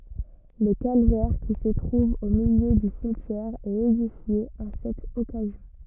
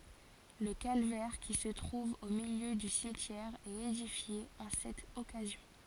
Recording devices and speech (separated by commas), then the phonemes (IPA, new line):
rigid in-ear microphone, forehead accelerometer, read sentence
lə kalvɛʁ ki sə tʁuv o miljø dy simtjɛʁ ɛt edifje ɑ̃ sɛt ɔkazjɔ̃